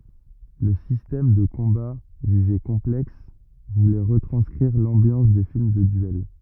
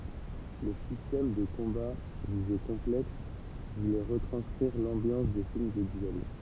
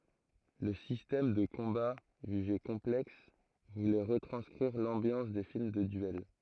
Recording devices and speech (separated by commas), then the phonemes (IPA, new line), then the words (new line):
rigid in-ear microphone, temple vibration pickup, throat microphone, read sentence
lə sistɛm də kɔ̃ba ʒyʒe kɔ̃plɛks vulɛ ʁətʁɑ̃skʁiʁ lɑ̃bjɑ̃s de film də dyɛl
Le système de combat, jugé complexe, voulait retranscrire l'ambiance des films de duel.